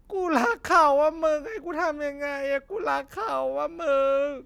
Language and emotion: Thai, sad